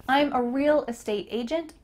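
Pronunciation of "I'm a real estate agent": In 'real estate', the words 'real' and 'estate' are linked together.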